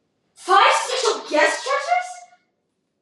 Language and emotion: English, disgusted